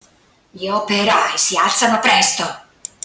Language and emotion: Italian, angry